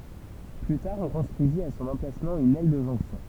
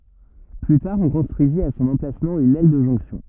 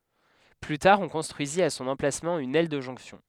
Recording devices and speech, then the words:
temple vibration pickup, rigid in-ear microphone, headset microphone, read sentence
Plus tard on construisit à son emplacement une aile de jonction.

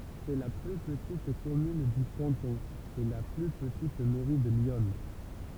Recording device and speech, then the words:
temple vibration pickup, read sentence
C'est la plus petite commune du canton, et la plus petite mairie de l'Yonne.

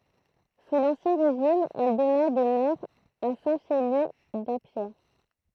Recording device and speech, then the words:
throat microphone, read sentence
Sous l'Ancien Régime, elle donna des maires à Saint-Chély-d'Apcher.

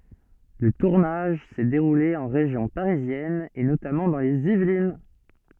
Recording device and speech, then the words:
soft in-ear microphone, read sentence
Le tournage s'est déroulé en région parisienne et notamment dans les Yvelines.

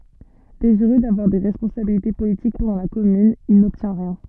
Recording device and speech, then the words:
soft in-ear microphone, read sentence
Désireux d’avoir des responsabilités politiques pendant la Commune, il n’obtient rien.

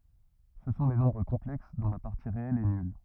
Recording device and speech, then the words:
rigid in-ear microphone, read sentence
Ce sont les nombres complexes dont la partie réelle est nulle.

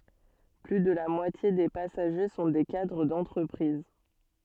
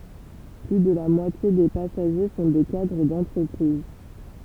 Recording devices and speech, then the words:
soft in-ear microphone, temple vibration pickup, read sentence
Plus de la moitié des passagers sont des cadres d'entreprises.

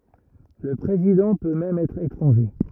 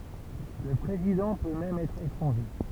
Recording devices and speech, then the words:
rigid in-ear microphone, temple vibration pickup, read sentence
Le président peut même être étranger.

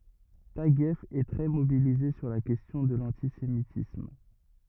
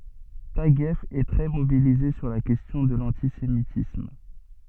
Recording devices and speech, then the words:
rigid in-ear microphone, soft in-ear microphone, read sentence
Taguieff est très mobilisé sur la question de l’antisémitisme.

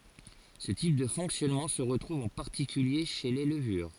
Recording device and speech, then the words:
forehead accelerometer, read sentence
Ce type de fonctionnement se retrouve en particulier chez les levures.

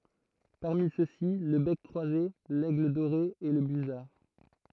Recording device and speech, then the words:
throat microphone, read sentence
Parmi ceux-ci, le bec croisé, l'aigle doré et le busard.

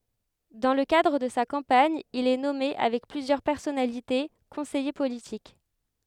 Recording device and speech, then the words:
headset microphone, read sentence
Dans le cadre de sa campagne, il est nommé avec plusieurs personnalités conseiller politique.

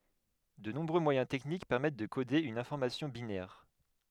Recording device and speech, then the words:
headset microphone, read sentence
De nombreux moyens techniques permettent de coder une information binaire.

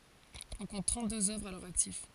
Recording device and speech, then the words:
forehead accelerometer, read sentence
On compte trente-deux œuvres à leur actif.

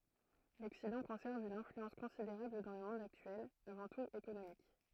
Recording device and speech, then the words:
throat microphone, read sentence
L'Occident conserve une influence considérable dans le monde actuel, avant tout économique.

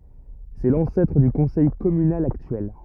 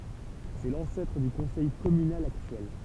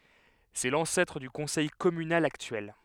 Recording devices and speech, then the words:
rigid in-ear microphone, temple vibration pickup, headset microphone, read sentence
C'est l'ancêtre du conseil communal actuel.

